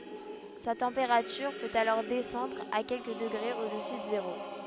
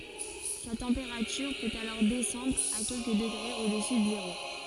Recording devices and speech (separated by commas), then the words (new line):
headset microphone, forehead accelerometer, read sentence
Sa température peut alors descendre à quelques degrés au-dessus de zéro.